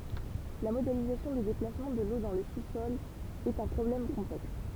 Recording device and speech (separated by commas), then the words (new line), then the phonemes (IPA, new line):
temple vibration pickup, read sentence
La modélisation des déplacements de l'eau dans le sous-sol est un problème complexe.
la modelizasjɔ̃ de deplasmɑ̃ də lo dɑ̃ lə susɔl ɛt œ̃ pʁɔblɛm kɔ̃plɛks